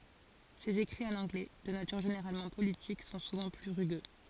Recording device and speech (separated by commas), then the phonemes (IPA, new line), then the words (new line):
forehead accelerometer, read sentence
sez ekʁiz ɑ̃n ɑ̃ɡlɛ də natyʁ ʒeneʁalmɑ̃ politik sɔ̃ suvɑ̃ ply ʁyɡø
Ses écrits en anglais, de nature généralement politique, sont souvent plus rugueux.